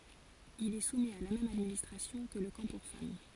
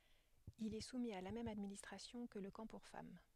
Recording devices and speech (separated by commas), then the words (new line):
forehead accelerometer, headset microphone, read sentence
Il est soumis à la même administration que le camp pour femmes.